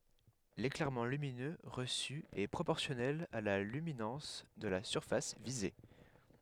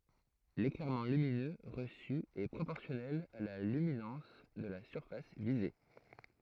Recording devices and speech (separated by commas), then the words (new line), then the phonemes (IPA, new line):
headset microphone, throat microphone, read sentence
L'éclairement lumineux reçu est proportionnel à la luminance de la surface visée.
leklɛʁmɑ̃ lyminø ʁəsy ɛ pʁopɔʁsjɔnɛl a la lyminɑ̃s də la syʁfas vize